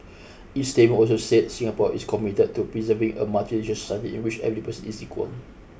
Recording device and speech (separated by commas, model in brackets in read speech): boundary microphone (BM630), read sentence